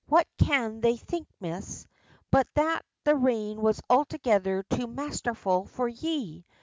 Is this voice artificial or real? real